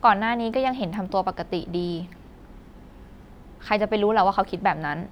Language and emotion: Thai, frustrated